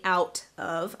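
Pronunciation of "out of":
'out of' is pronounced incorrectly here: the t in 'out' is not said as a flap T.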